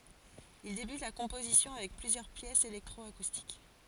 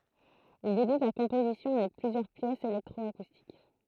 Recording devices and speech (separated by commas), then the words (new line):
forehead accelerometer, throat microphone, read sentence
Il débute la composition avec plusieurs pièces électro-acoustiques.